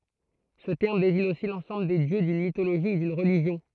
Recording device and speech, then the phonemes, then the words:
throat microphone, read sentence
sə tɛʁm deziɲ osi lɑ̃sɑ̃bl de djø dyn mitoloʒi u dyn ʁəliʒjɔ̃
Ce terme désigne aussi l'ensemble des dieux d'une mythologie ou d'une religion.

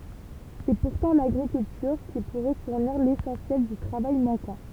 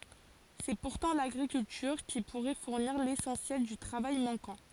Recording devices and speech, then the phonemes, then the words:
temple vibration pickup, forehead accelerometer, read sentence
sɛ puʁtɑ̃ laɡʁikyltyʁ ki puʁɛ fuʁniʁ lesɑ̃sjɛl dy tʁavaj mɑ̃kɑ̃
C’est pourtant l’agriculture qui pourrait fournir l’essentiel du travail manquant.

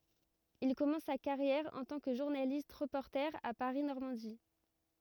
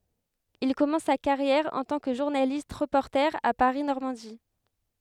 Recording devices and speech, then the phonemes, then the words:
rigid in-ear microphone, headset microphone, read sentence
il kɔmɑ̃s sa kaʁjɛʁ ɑ̃ tɑ̃ kə ʒuʁnalist ʁəpɔʁte a paʁi nɔʁmɑ̃di
Il commence sa carrière en tant que journaliste-reporter à Paris Normandie.

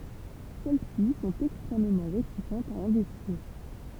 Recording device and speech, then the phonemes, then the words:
temple vibration pickup, read sentence
sɛl si sɔ̃t ɛkstʁɛmmɑ̃ ʁetisɑ̃tz a ɛ̃vɛstiʁ
Celles-ci sont extrêmement réticentes à investir.

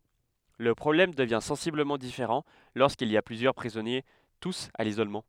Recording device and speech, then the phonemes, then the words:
headset microphone, read sentence
lə pʁɔblɛm dəvjɛ̃ sɑ̃sibləmɑ̃ difeʁɑ̃ loʁskilz i a plyzjœʁ pʁizɔnje tus a lizolmɑ̃
Le problème devient sensiblement différent lorsqu'ils y a plusieurs prisonniers tous à l'isolement.

